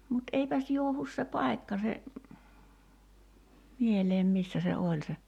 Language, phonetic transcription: Finnish, mut 'eipäs 'juohus se "pai̬kka se , 'mieleem 'missä se "oĺ se ,.
- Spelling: mutta eipäs johdu se paikka se mieleen missä se oli se

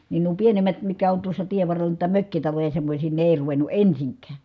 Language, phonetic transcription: Finnish, nin nuo pienem̆mät mitkä on tuossa tievvarrel̀a nuita mökkitaloja semmośii ne èi̮ ruven̆nu ensiŋk̀ään̬ .
- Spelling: niin nuo pienemmät mitkä on tuossa tienvarrella noita mökkitaloja semmoisia ne ei ruvennut ensinkään

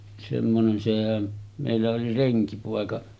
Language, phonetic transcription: Finnish, semmonen sehän , mèillä oli 'reŋkipòeka .
- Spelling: semmoinen sehän meillä oli renkipoika

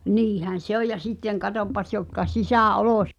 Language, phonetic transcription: Finnish, 'niihän̬ "se ‿oj ja sitteŋ 'katoppas jotka 'sisä̀"’olos-
- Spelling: niinhän se on ja sitten katsopas jotka -

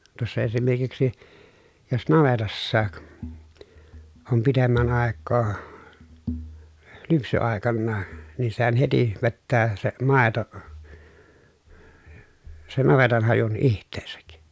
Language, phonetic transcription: Finnish, tᵘossa esimerkiksi , jos navetassaak , om pitemmän àekkoo , lypsy₍àekannaa , nii sehän heti , vettää , se màeto , sen navetanhajun iht̆teesäk .
- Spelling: tuossa esimerkiksi jos navetassakin on pitemmän aikaa lypsyaikana niin sehän heti vetää se maito sen navetanhajun itseensä

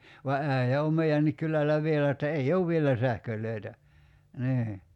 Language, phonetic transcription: Finnish, va '’ä̀ijä om "mei₍ännik 'kyläl̀ä 'vielä että 'ei "ouv vielä 'sähköl̆lö̀i̬tä , 'nii .
- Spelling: vaan äijä on meidänkin kylällä vielä että ei ole vielä sähköjä niin

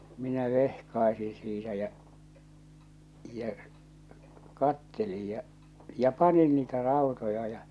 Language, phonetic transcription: Finnish, minä 'vehkaesiḭ siitä jä͔ , jä͔ , 'kattelij ja͕ , ja͕ 'panin niitä 'ràotoja ja .
- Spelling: minä vehkaisin siitä ja ja katselin ja ja panin niitä rautoja ja

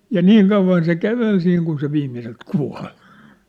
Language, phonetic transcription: Finnish, ja "niiŋ 'kauv̆van se "kävel siiŋ kun se 'viimmiselt "kua̭ʟ .
- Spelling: ja niin kauan se käveli siinä kun se viimeiseltä kuoli

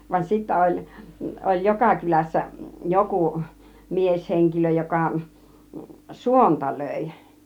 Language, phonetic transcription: Finnish, van 'sittä 'oĺ , oĺ "joka 'kylässä , "jokù , "mies'heŋkilö 'jokà , "suonta 'lö̀i .
- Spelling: vaan sitten oli oli joka kylässä joku mieshenkilö joka suonta löi

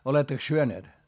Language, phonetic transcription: Finnish, olettaks syöneet ?
- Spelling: olettekos syöneet

